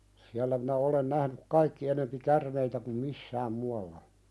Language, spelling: Finnish, siellä minä olen nähnyt kaikki enempi käärmeitä kuin missään muualla
- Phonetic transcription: siällä minä olen nähnyk "kaikki enempi 'kärmeitä kum "missääm mualla .

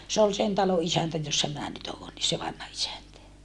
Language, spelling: Finnish, se oli sen talon isäntä jossa minä nyt olen niin se vanha isäntä
- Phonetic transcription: se ol sen talo ʼisäntä jossa minä nyt oon ni se vanha isäntä .

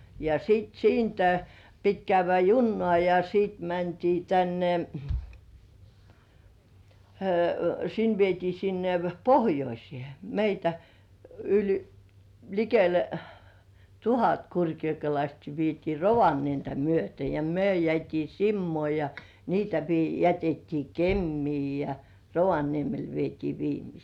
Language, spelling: Finnish, ja sitten siitä piti käydä junaan ja sitten mentiin tänne sinne vietiin sinne pohjoiseen meitä yli likelle tuhat kurkijokelaistakin vietiin Rovaniemeä myöten ja me jäätiin Simoon ja niitä - jätettiin Kemiin ja Rovaniemelle vietiin viimeisiä
- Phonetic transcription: ja 'siit "siintä , pit 'käyv̆vä "junnŏ§à ja siit mäntii 'tänne , 'sin vietii sinne "pohjoisĭè meitä , yĺ 'likele "tuhat 'kurkjokelaistki vietii "Rovanientä myöte ja 'myö jĕä̀t́ii "Simmŭ§ò ja niitä vi- , jätettii "Kemmii ja "Rovaniemel vietii 'viimisii .

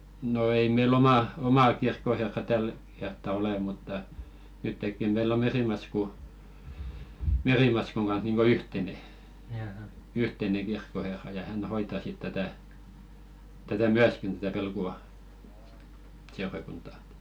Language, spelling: Finnish, no ei meillä omaa omaa kirkkoherraa tällä kertaa ole mutta nytkin meillä on Merimaskun Merimaskun kanssa niin kuin yhteinen yhteinen kirkkoherra ja hän hoitaa sitten tätä tätä myöskin tätä Velkuan seurakuntaa
- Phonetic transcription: no 'ei mei"l ‿omà , 'omà kirkkoherra 'täl kertta "ole mutta , 'nyttekki meill ‿o 'Merìmasku , 'Merìmaskuŋ ɢanh̬ niiŋɢo "yhtene , 'yhteneŋ̬ 'ɢirkkoherra ja 'hän hoita sit 'tätä̀ , tätä "myäskin tätä 'Velku₍a , 'seurakunta .

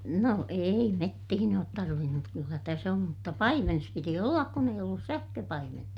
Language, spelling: Finnish, no ei metsiin ole - mutta kyllä tässä on mutta paimenessa piti olla kun ei ollut sähköpaimenta
- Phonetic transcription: no ei mettihin ‿oot tarvin - mut kyllä täs ‿om - mutta paimenes piti ollak kun eij ‿ollus sähköpaimenta .

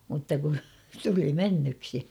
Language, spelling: Finnish, mutta kun tuli mennyksi
- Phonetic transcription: mutta ku , 'tuli "mennyksi .

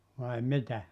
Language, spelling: Finnish, vai mitä
- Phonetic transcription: vai 'mitä ?

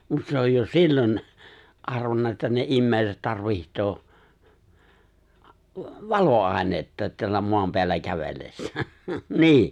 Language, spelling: Finnish, mutta se on jo silloin arvannut että ne ihmiset tarvitsee valoainetta täällä maan päällä kävellessään niin
- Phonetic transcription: 'mut se oj jo "sillon , '’arvanna että ne '’immèi̬set 'tarviht̀oo , "valo₍àenetta teällä 'moam peällä 'kävellessää , ''ni̬i̬ !

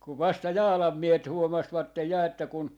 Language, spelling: Finnish, kun vasta Jaalan miehet huomasivat ja että kun
- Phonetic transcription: kuv 'vasta "Jaalam miehet 'huomasvattej 'ja että kun , .

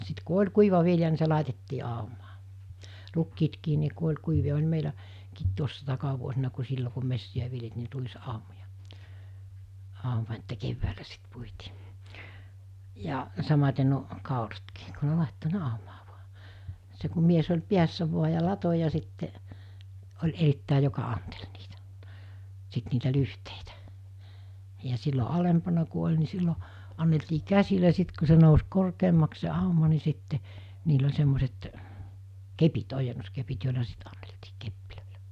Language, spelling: Finnish, sitten kun oli kuiva vilja niin se laitettiin aumaa rukiitkin niin kun oli kuivia oli - meilläkin tuossa takavuosina kun silloin kun metsiä viljeltiin niin ruisaumoja auma että keväällä sitten puitiin ja samaten nuo kauratkin kun ne laittoi ne aumaan vain se kun mies oli päässä vain ja latoi ja sitten oli erittäin joka anteli niitä sitten niitä lyhteitä ja silloin alempana kun oli niin silloin anneltiin käsillä sitten kun se nousi korkeammaksi se auma niin sitten niillä oli semmoiset kepit ojennuskepit joilla sitten anneltiin kepeillä
- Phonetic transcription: 'sit ku 'oĺ 'kuiva 'vilja ni se 'làitettii àumaa , 'rukkiitkii ni ku oĺ kuiviʲa oĺ meilä- , -kiit tuossa 'takavuosina ku 'sillo ku 'messi₍ä viljeltii ni 'ruis₍'àomoja , 'àuma että 'kevväälä sit 'puitii , ja , samat̜e n(u)o , 'kàuratkii , ku ne 'làetto 'ne àumaa vuᴀ , se ku 'mies oĺ 'piässä vua ja 'lato ja sitte’ , oĺ 'erittä̀i joka 'antel niitᴀ̈ , 'sit niitä 'lyhteitᴀ̈ , ja sillo 'alempana ku oĺ ni 'sillo , anneltii 'käsilä sit ku se nous 'korkeemmaks se 'àuma ni 'sitte , niil ‿oĺ 'semmoset , 'kepit 'ojennos'kepit jòila 'sit ᴀɴɴᴇʟtɪɪ 'keppilö̀ɪʟᴀ̈ .

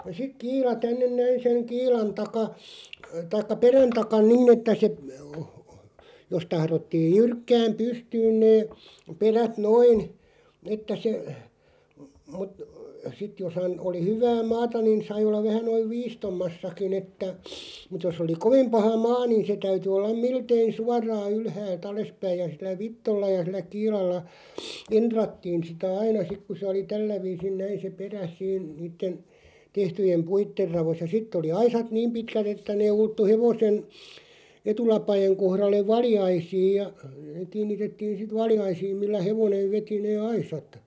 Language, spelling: Finnish, sitten kiila tänne näin sen kiilan taa tai perän takana niin että se jos tahdottiin jyrkkään pystyyn ne perät noin että se mutta sitten jos hän oli hyvää maata niin sai olla vähän noin viistommassakin että mutta jos oli kovin paha maa niin se täytyi olla miltei suoraan ylhäältä alaspäin ja sillä vitsoilla ja sillä kiilalla entrattiin sitä aina sitten kun se oli tällä viisin näin se perä siinä niiden tehtyjen puiden raossa ja sitten oli aisat niin pitkät että ne ulottui hevosen etulapojen kohdalle valjaisiin ja kiinnitettiin sitten valjaisiin millä hevonen veti ne aisat
- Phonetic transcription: siᵏ "kiila 'tännen 'näin seŋ "kiilan 'taka , 'taikka "perän 'takan "ninⁿ ‿että se , jos 'tahrottiij "jyrkkääm "pystyyn 'nee , 'perät "noin , että se , mut- , 'sit jos (han) oli 'hyvää "maata nin 'sai ollaᵛ 'vähän 'noiv "viistommassaki'ⁿ ‿että , mut jos ‿oli "koᵛⁱm "paha 'maa nìn̬ se 'täyty ollaᵐ "miltei "suar̆raa 'ylhääl't ‿alespäiʲ ja sil̆lä "vittolla ja 'sil̆lä "kiilalla , 'enᴅrattiin̬ sitä "aina 'sik ku sᵉ oli "tällä 'viisin 'näin se "perä(s) 'siin 'niitten , 'tehtyjem "puitter 'ravos ja "sitt ‿oli 'aisat "niim 'pitkät ‿että nee 'ulttu 'hevosen , "etulapajeŋ 'kohralleᵛ "valjaisiij ja , 'kiin̆nitettiin̬ sit "valjaisiim millä 'hevonev 'veti 'nee "aisat .

